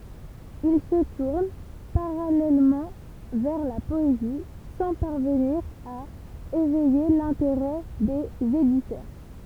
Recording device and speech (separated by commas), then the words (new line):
temple vibration pickup, read sentence
Il se tourne parallèlement vers la poésie, sans parvenir à éveiller l'intérêt des éditeurs.